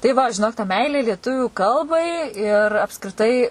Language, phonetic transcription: Lithuanian, tai ˈva žiˈnok ta ˈmeilė lieˈtuvių ˈkalbai ir apskriˈtai

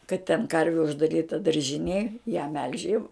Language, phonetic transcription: Lithuanian, kad ten ˈkarvi uždaˈryta daržiˈnėj ją melž' jau

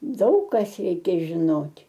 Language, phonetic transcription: Lithuanian, ˈdaug kas ˈreikia žiˈnot'

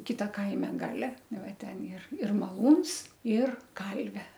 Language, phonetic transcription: Lithuanian, ˈkita ˈkaime ˈgale ˈnu ˈva ˈten ir ir maˈlūns ir ˈkalvė

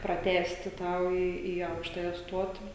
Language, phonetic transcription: Lithuanian, praˈtęsti ˈtą o ˈį į ˈaukštaja ˈstuoti

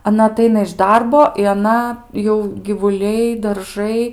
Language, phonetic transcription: Lithuanian, aˈna aˈtaina iš ˈdarbo i aˈna jau givuˈliai darˈžai

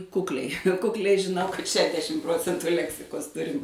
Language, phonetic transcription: Lithuanian, ˈkukliai kukˈliai žiˈnau kad ˈšedešim ˈprocentu ˈleksikos ˈturim

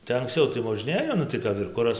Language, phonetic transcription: Lithuanian, tai ankˈscau tai moˈžnėjo nu tai ˈkap ir ˈkuras

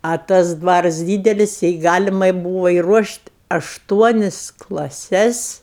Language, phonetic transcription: Lithuanian, o ˈtas ˈdvaras ˈdydelis jei ˈgalimai ˈbūvo iruošt' ašˈtuonis klaˈses

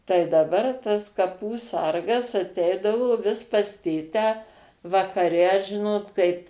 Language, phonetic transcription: Lithuanian, tai daˈbar tas kaˈpų ˈsargas aˈteidavo ˈvis pas ˈtėtę vakaˈre ˈžinot kaip

